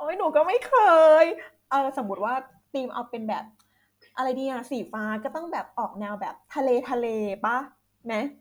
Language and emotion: Thai, happy